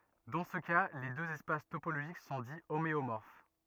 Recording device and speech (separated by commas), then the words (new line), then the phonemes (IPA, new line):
rigid in-ear microphone, read sentence
Dans ce cas, les deux espaces topologiques sont dits homéomorphes.
dɑ̃ sə ka le døz ɛspas topoloʒik sɔ̃ di omeomɔʁf